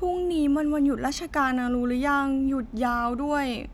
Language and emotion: Thai, frustrated